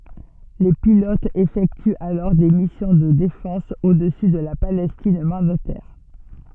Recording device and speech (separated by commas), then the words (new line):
soft in-ear microphone, read sentence
Les pilotes effectuent alors des missions de défense au-dessus de la Palestine mandataire.